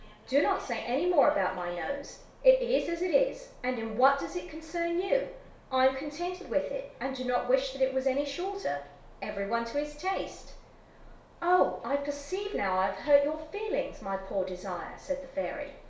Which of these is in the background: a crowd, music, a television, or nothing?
A television.